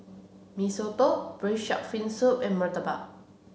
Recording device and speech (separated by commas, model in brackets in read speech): mobile phone (Samsung C7), read sentence